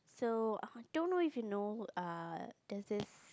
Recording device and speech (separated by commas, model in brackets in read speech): close-talking microphone, conversation in the same room